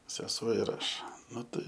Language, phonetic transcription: Lithuanian, seˈsuo ir ˈaš ˈnu tai

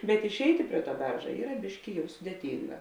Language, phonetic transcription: Lithuanian, bet išˈeiti ˈprie ˌtuo ˈberža ˈyra ˈbiški ˈjau sudėˈtynga

